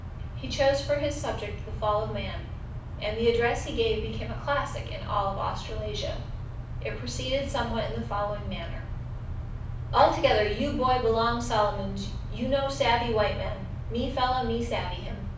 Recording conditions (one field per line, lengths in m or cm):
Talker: one person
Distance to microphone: 5.8 m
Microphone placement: far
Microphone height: 1.8 m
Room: medium-sized (5.7 m by 4.0 m)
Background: none